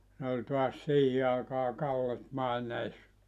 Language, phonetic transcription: Finnish, ne oĺ toas "siihi àekaa 'Kallet 'màenees(sa) .
- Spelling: ne oli taas siihen aikaan Kallet maineessa

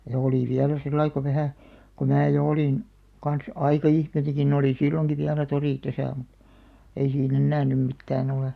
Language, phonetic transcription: Finnish, ja olì 'viälä sillai ko 'vähä , ko mää jo 'olìn , kans "aika₍ihmi(ne ni) oli "silloŋki viälä 'torì 'täsä̀ muᵗ , ei sii'n ‿ennää nym 'mittää'n ‿olè .
- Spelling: ja oli vielä sillä lailla kun vähän kun minä jo olin kanssa aikaihminen niin oli silloinkin vielä tori tässä minulla ei siinä enää nyt mitään ole

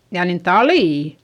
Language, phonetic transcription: Finnish, jaa nin talì !
- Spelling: jaa niin talia

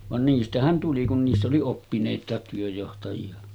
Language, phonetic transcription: Finnish, van 'niistähän tuli kun niiss ‿oli 'oppinèit̀àet työjjohtaji₍a .
- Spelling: vaan niistähän tuli kun niissä oli oppineitakin työnjohtajia

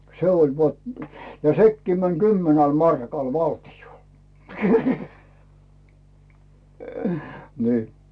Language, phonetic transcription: Finnish, se ‿ol vat- , ja "sekkii män 'kymmenäl 'markal 'valti₍ol ni̬i̬ .
- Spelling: se oli - ja sekin meni kymmenellä markalla valtiolle niin

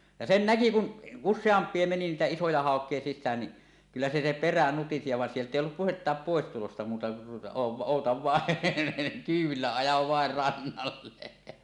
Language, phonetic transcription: Finnish, ja 'sen 'näki kun , "usseamp̀ie meni niitä "isoja 'hàok̀ie "sissään ni , 'kyllä se se 'perä nutisi ja 'vàen 'sielt̀ ‿èi ollup "puhettaap 'pòestulosta muuta , o- òutav vàen , "kyyw̆villä ajav vaer 'rannalle .
- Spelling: ja sen näki kun useampi meni niitä isoja haukia sisään niin kyllä se se perä nutisi ja vaan sieltä ei ollut puhettakaan pois tulosta muuta - odota vain kyydillä aja vain rannalle

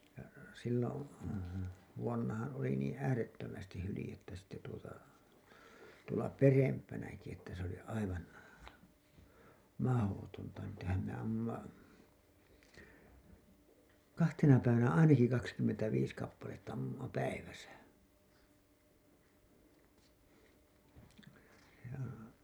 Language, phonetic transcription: Finnish, ja sillon , vuonnahaa̰ oli niin̬ 'äärettömästih 'hylĭjettä sitte tuota , tuola "perempänäki että se ‿oli 'aivan , "mahotonta niitähäm me ammumma , "kahtena 'päivänä 'ainaki kakskymmentäviis kappaletta 'ammumma "päiväsä , joo .
- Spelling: ja silloin vuonnahan oli niin äärettömästi hyljettä sitten tuota tuolla perempänäkin että se oli aivan mahdotonta niitähän me ammuimme kahtena päivänä ainakin kaksikymmentäviisi kappaletta ammuimme päivässä joo

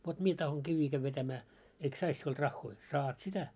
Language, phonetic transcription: Finnish, » vot 'mie tahoŋ 'kivvii käv vetämää , eik 'sais 'siulᴅ 'raχχoi ? « » 'saat sitä .
- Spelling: vot minä tahdon kiviä käydä vetämään eikö saisi sinulta rahoja saat sitä

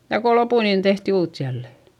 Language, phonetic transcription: Finnish, ja ko lopù niin tehti uut jälle .
- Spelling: ja kun loppui niin tehtiin uutta jälleen

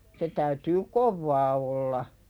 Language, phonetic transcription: Finnish, se täytyy "kovvaa olla .
- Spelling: se täytyy kovaa olla

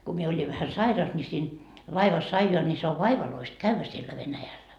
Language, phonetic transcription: Finnish, ku mie 'oĺiv vähä "sairas ni siin , laivas 'aijoa ni se ov "vaivaloist "kävvä siellä 'Venäjällä .
- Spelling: kun minä olin vähän sairas niin siinä laivassa ajaa niin se on vaivalloista käydä siellä Venäjällä

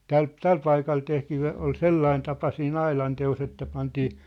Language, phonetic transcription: Finnish, täl , "täl 'paikal 'tehtii o- ol "sellain tapa sii"n ‿ailante₍os ‿että pantii ,.
- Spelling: tällä tällä paikalla tehtiin - oli sellainen tapa siinä aidanteossa että pantiin

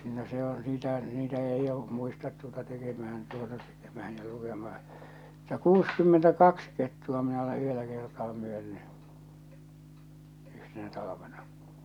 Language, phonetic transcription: Finnish, no se ‿o , 'niitä , 'niitä eij jo , 'muistat tuota 'tekemähän tuota 'tekemähän ja 'lukemahᴀ , mutta "kuuskymmentä'kaks kettu₍a minä ole 'yhellä kertaa myönny , 'yhtenä talavena .
- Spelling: no se on niitä niitä ei jo muista tuota tekemään tuota tekemään ja lukemassa mutta kuusikymmentäkaksi kettua minä olen yhdellä kertaa myynyt yhtenä talvena

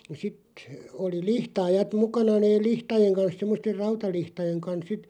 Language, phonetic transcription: Finnish, (ja) sit , oli "lihtaajat 'mukana neeˡ "lihtajeŋ 'kans 'semmoster "rauta'lihtajeŋ kans 'sit ,.
- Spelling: ja sitten oli lihtaajat mukana ne lihtojen kanssa semmoisten rautalihtojen kanssa sitten

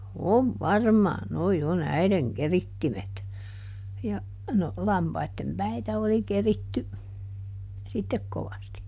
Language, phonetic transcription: Finnish, » "ov "varmaan ˈnoi ˈon "äiδeŋ ˈkerittimet » , ja , ˈno , "lampaittem ˈpäitä oli ˈkeritty , sittek ˈkovasti .
- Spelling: on varmaan nuo on äidin keritsimet ja no lampaiden päitä oli keritty sitten kovasti

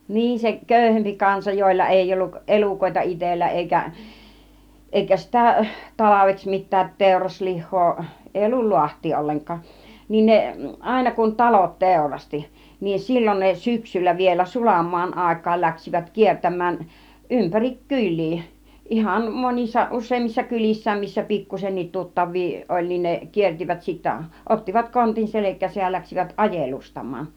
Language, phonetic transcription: Finnish, 'niin se 'kö̀yhempi 'kansa jòilla 'èiʲ ‿olluk , 'ˀelùkòita 'itellä èikä , 'èikä sitä 'talaveks mit̆täät 'tèuraslih̆hoo , 'èi ollul "luaht̆tii 'olleŋk̆kaaˀ , niin 'ne , 'àina kun "talot 'tèurasti , niin "sil͕l͕on ne "syksyllä vielä 'sulam mu̬an 'àik̆kaal läksivät 'kier-täm̆mään , 'ympärik "kyĺ̆lii , 'ihan 'monissa , 'us̆seemmissa 'kylissääm missä 'pikkusennit 'tuttav̆vii oĺ , niin ne 'kiertivät sittä , 'ottivat 'kontin "selek̆kääsäj ja läksivät "ajelustam̆maan .
- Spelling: niin se köyhempi kansa joilla ei ollut elukoita itsellä eikä eikä sitä talveksi mitään teuraslihaa ei ollut laahtia ollenkaan niin ne aina kun talot teurasti niin silloin ne syksyllä vielä sulan maan aikaan lähtivät kiertämään ympäri kyliä ihan monissa useammissa kylissä missä pikkuisenkin tuttavia oli niin ne kiersivät sitten ottivat kontin selkäänsä ja lähtivät ajelustamaan

